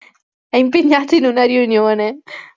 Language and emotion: Italian, happy